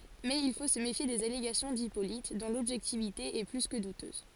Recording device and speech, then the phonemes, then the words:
forehead accelerometer, read sentence
mɛz il fo sə mefje dez aleɡasjɔ̃ dipolit dɔ̃ lɔbʒɛktivite ɛ ply kə dutøz
Mais il faut se méfier des allégations d'Hippolyte, dont l'objectivité est plus que douteuse.

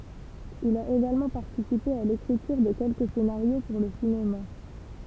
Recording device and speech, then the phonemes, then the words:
temple vibration pickup, read sentence
il a eɡalmɑ̃ paʁtisipe a lekʁityʁ də kɛlkə senaʁjo puʁ lə sinema
Il a également participé à l'écriture de quelques scénarios pour le cinéma.

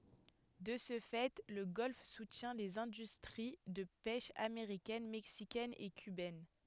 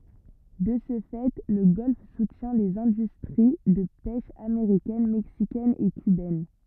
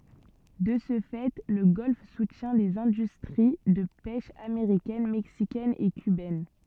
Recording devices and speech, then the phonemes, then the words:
headset microphone, rigid in-ear microphone, soft in-ear microphone, read sentence
də sə fɛ lə ɡɔlf sutjɛ̃ lez ɛ̃dystʁi də pɛʃ ameʁikɛn mɛksikɛn e kybɛn
De ce fait, le golfe soutient les industries de pêche américaine, mexicaine et cubaine.

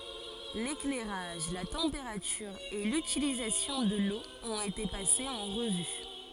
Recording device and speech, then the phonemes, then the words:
forehead accelerometer, read sentence
leklɛʁaʒ la tɑ̃peʁatyʁ e lytilizasjɔ̃ də lo ɔ̃t ete pasez ɑ̃ ʁəvy
L'éclairage, la température et l'utilisation de l'eau ont été passés en revue.

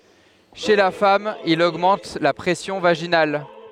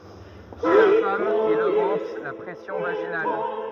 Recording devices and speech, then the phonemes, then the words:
headset microphone, rigid in-ear microphone, read sentence
ʃe la fam il oɡmɑ̃t la pʁɛsjɔ̃ vaʒinal
Chez la femme il augmente la pression vaginale.

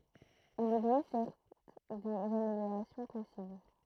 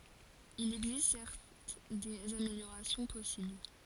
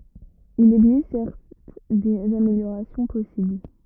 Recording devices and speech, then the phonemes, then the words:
throat microphone, forehead accelerometer, rigid in-ear microphone, read sentence
il ɛɡzist sɛʁt dez ameljoʁasjɔ̃ pɔsibl
Il existe certes des améliorations possibles.

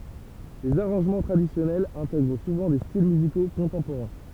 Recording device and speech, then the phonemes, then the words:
temple vibration pickup, read sentence
lez aʁɑ̃ʒmɑ̃ tʁadisjɔnɛlz ɛ̃tɛɡʁ suvɑ̃ de stil myziko kɔ̃tɑ̃poʁɛ̃
Les arrangements traditionnels intègrent souvent des styles musicaux contemporains.

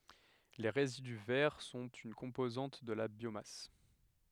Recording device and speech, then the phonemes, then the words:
headset microphone, read sentence
le ʁezidy vɛʁ sɔ̃t yn kɔ̃pozɑ̃t də la bjomas
Les résidus verts sont une composante de la biomasse.

